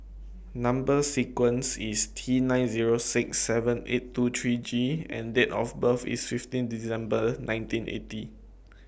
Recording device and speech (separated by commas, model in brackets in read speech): boundary microphone (BM630), read sentence